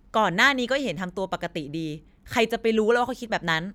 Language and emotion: Thai, angry